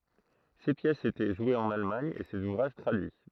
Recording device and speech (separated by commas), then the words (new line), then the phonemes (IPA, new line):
throat microphone, read sentence
Ses pièces étaient jouées en Allemagne et ses ouvrages traduits.
se pjɛsz etɛ ʒwez ɑ̃n almaɲ e sez uvʁaʒ tʁadyi